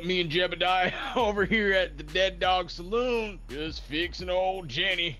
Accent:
in country accent